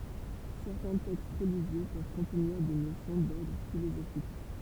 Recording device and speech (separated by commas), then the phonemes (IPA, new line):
temple vibration pickup, read sentence
sɛʁtɛ̃ tɛkst ʁəliʒjø pøv kɔ̃tniʁ de nosjɔ̃ dɔʁdʁ filozofik